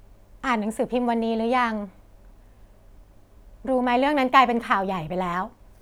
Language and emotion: Thai, neutral